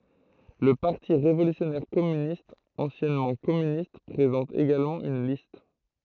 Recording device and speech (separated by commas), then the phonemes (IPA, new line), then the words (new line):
throat microphone, read sentence
lə paʁti ʁevolysjɔnɛʁ kɔmynistz ɑ̃sjɛnmɑ̃ kɔmynist pʁezɑ̃t eɡalmɑ̃ yn list
Le Parti révolutionnaire Communistes, anciennement Communistes, présente également une liste.